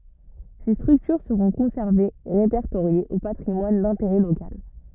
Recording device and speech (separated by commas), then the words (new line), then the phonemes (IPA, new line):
rigid in-ear microphone, read sentence
Ces structures seront conservées et répertoriées au patrimoine d’intérêt local.
se stʁyktyʁ səʁɔ̃ kɔ̃sɛʁvez e ʁepɛʁtoʁjez o patʁimwan dɛ̃teʁɛ lokal